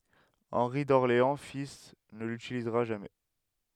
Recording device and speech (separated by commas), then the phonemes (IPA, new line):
headset microphone, read sentence
ɑ̃ʁi dɔʁleɑ̃ fil nə lytilizʁa ʒamɛ